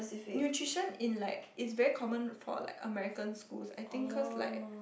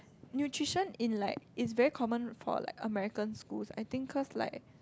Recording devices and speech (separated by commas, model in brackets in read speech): boundary microphone, close-talking microphone, conversation in the same room